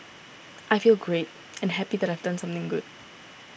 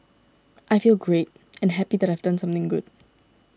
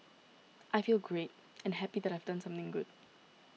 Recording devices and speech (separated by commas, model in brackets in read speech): boundary microphone (BM630), standing microphone (AKG C214), mobile phone (iPhone 6), read sentence